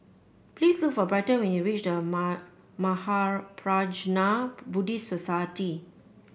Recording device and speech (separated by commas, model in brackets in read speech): boundary microphone (BM630), read sentence